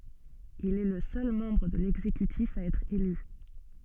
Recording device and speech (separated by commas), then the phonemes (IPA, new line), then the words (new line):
soft in-ear microphone, read sentence
il ɛ lə sœl mɑ̃bʁ də lɛɡzekytif a ɛtʁ ely
Il est le seul membre de l'exécutif à être élu.